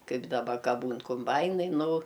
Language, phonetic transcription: Lithuanian, ˈkaip daˈba ˈka ˈbūn kumˈbainai ˈnu

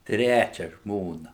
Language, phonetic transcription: Lithuanian, ˈtræčia ˈžmona

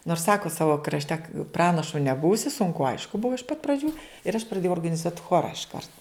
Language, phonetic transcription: Lithuanian, nors ˈsako ˈsavo krašˈte ˈpranašu neˈbūsi sunˈku ˈaišku ˈbuvo iš pat praˈdžių ir aš praˈdėjau organiˈzuot' ˈchora išˈkart

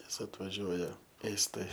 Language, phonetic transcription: Lithuanian, ˈnes atvaˈžiuoja ˈėstai

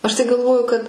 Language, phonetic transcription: Lithuanian, ˈaš tai galˈvoju kad

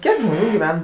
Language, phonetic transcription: Lithuanian, ˈkiek ˈžmonių giˈven

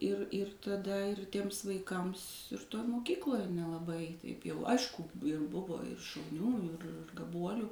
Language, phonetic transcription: Lithuanian, ir ir taˈda ir tiems vaiˈkams toj moˈkykloj nelaˈbai taip ˈjau ˈaišku ir ˈbuvo ir šauˈnių ir gaˈbuolių

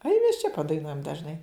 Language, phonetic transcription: Lithuanian, ai mes čia padaiˈnuojam dažˈnai

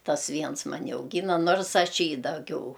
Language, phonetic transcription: Lithuanian, ˈtas ˈviens maˈni auˈgyna ˈnorsˈaš ˈjį daˈgiau

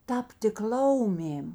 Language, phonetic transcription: Lithuanian, ˈtabtik ˈlaumėm

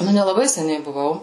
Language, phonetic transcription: Lithuanian, ˈnu nelaˈbai seˈniai buˈvau

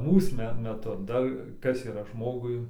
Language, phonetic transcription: Lithuanian, ˈmūs me meˈtu ˈdar ˈkas yˈra ˈžmogui

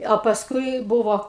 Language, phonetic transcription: Lithuanian, a pasˈkui ˈbuvo

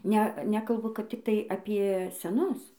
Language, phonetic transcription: Lithuanian, ˈne ˈnekalbu kad ˈtiktai apie seˈnus

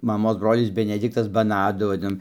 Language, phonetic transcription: Lithuanian, maˈmos ˈbrolis beneˈdiktas baˈnadu vaˈdinom

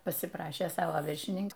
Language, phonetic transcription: Lithuanian, pasiˈprašė ˈsavo viršiˈnink

